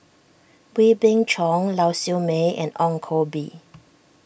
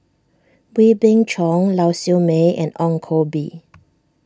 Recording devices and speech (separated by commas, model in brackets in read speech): boundary microphone (BM630), standing microphone (AKG C214), read sentence